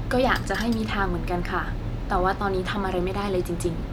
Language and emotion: Thai, neutral